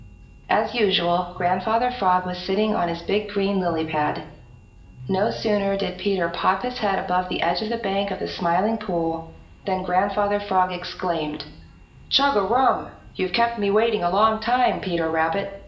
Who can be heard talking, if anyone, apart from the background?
One person.